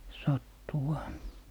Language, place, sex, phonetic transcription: Finnish, Lappee, male, 'sattuuha ,.
- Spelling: sattuuhan

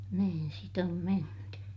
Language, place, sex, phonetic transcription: Finnish, Ilmajoki, female, niin sit ‿om menty .
- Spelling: niin sitä on menty

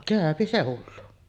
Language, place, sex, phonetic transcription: Finnish, Sotkamo, female, 'kä̀öpi se 'hullu .
- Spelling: käy se hullu

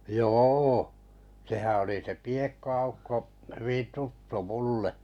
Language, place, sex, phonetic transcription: Finnish, Kalajoki, male, jô , sehä oli se 'Piekko₍Aukko hyvin̬ 'tuttu 'mulle .
- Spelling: joo sehän oli se Piekko-Aukko hyvin tuttu minulle

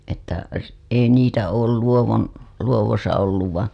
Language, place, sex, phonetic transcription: Finnish, Hailuoto, female, että , s- , ei niitä ool 'Luowon , 'Luowosa olluv van̬ .
- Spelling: että - ei niitä ole Luodon Luodossa ollut vaan

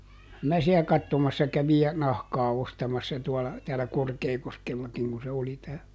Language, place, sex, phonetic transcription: Finnish, Juupajoki, male, (kyä) ˈmä siä ˈkattomassa kävij ja , ˈnahkaa ˈostamassa tuola , täälä ˈKorkeekoskellakiŋ ku se ˈoli tää .
- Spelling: kyllä minä siellä katsomassa kävin ja nahkaa ostamassa tuolla täällä Korkeakoskellakin kun se oli tämä

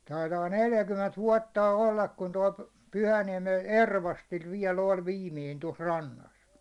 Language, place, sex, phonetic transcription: Finnish, Hollola, male, 'taitaa 'neljäkymment "vuåttà 'ollak kun toi , 'Pyhäniɛmen "Ervastil viɛ'l ‿oĺ "viimiin tos 'rannas .
- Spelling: taitaa neljäkymmentä vuotta olla kun tuo Pyhäniemen Ervastilla vielä oli viimeinen tuossa rannassa

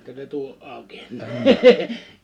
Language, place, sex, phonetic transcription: Finnish, Liperi, male, (jä̀ikköö) se 'tuo '’ào̭ki ?
- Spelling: jäikö se tuo auki

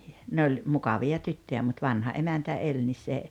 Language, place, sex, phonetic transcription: Finnish, Rautalampi, female, 'ne oĺ , 'mukavi₍a 'tyttöjä mut 'vanha '’emäntä 'eĺ nis se ,.
- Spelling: ne oli mukavia tyttöjä mutta vanha emäntä eli niin se

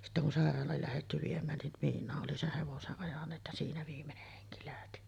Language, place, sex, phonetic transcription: Finnish, Sotkamo, female, sittä kun "sàer̀aal̀aal lähetty 'viem̆mään nin , "miin̆naa’ ’oli 'seh 'hevose’ ’ajaǹeet ja siinä 'viimmeneh heŋki lähti .
- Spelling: sitten kun sairaalaan lähdetty viemään niin miinaan oli sen hevoset ajaneet ja siinä viimeinen henki lähti

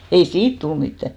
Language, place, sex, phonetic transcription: Finnish, Hinnerjoki, female, 'ei "siit tul mittä .
- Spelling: ei siitä tullut mitään

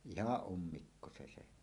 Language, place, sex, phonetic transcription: Finnish, Suomussalmi, male, ihaˀ 'ˀummikko se se .
- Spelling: ihan ummikko se se

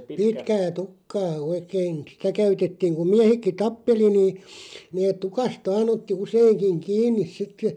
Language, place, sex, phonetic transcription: Finnish, Loppi, male, pitkää 'tukkaa 'oikeen̬ 'sitä käytettiiŋ ku "miähekki "tappeli niin̬ , neeᵗ 'tukast "vaan otti 'useiŋkiŋ "kiin̆nis 'sit̆tə ,.
- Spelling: pitkää tukkaa oikein sitä käytettiin kun miehetkin tappeli niin ne tukasta vain otti useinkin kiinni sitten

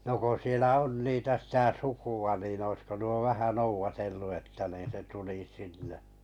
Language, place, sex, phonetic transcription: Finnish, Kalajoki, male, no ko sielä 'on niitä sitä 'suku₍a nin oⁱsko nuo 'vähä 'nouvatellu että niin se tuli 'sinne .
- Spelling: no kun siellä on niitä sitä sukua niin olisiko nuo vähän noudatellut että niin se tuli sinne

